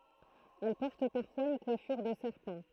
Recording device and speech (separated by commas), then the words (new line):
throat microphone, read sentence
Elle porte parfois une coiffure de serpent.